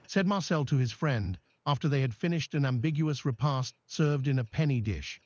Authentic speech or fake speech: fake